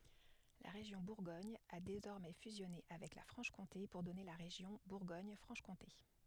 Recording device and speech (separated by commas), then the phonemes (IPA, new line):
headset microphone, read sentence
la ʁeʒjɔ̃ buʁɡɔɲ a dezɔʁmɛ fyzjɔne avɛk la fʁɑ̃ʃkɔ̃te puʁ dɔne la ʁeʒjɔ̃ buʁɡoɲfʁɑ̃ʃkɔ̃te